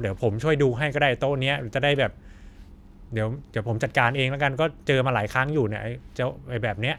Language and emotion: Thai, frustrated